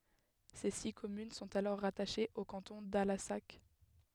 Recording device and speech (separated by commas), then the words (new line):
headset microphone, read sentence
Ses six communes sont alors rattachées au canton d'Allassac.